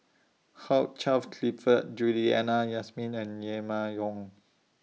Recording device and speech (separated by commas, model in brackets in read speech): mobile phone (iPhone 6), read sentence